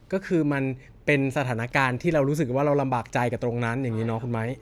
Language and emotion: Thai, neutral